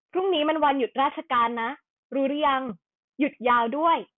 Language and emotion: Thai, neutral